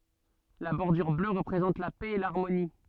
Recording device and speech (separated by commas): soft in-ear microphone, read sentence